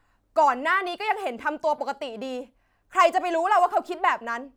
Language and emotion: Thai, angry